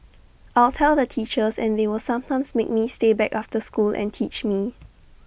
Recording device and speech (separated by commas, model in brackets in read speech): boundary microphone (BM630), read sentence